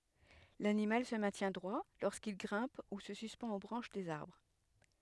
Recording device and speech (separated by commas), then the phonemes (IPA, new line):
headset microphone, read sentence
lanimal sə mɛ̃tjɛ̃ dʁwa loʁskil ɡʁɛ̃p u sə syspɑ̃t o bʁɑ̃ʃ dez aʁbʁ